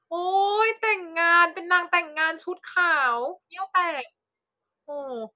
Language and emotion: Thai, happy